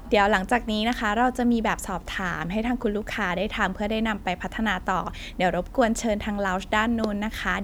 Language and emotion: Thai, neutral